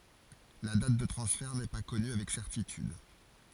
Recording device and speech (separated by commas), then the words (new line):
forehead accelerometer, read sentence
La date de transfert n’est pas connue avec certitude.